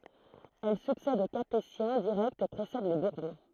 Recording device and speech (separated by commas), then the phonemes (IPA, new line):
throat microphone, read sentence
ɛl syksɛd o kapetjɛ̃ diʁɛktz e pʁesɛd le buʁbɔ̃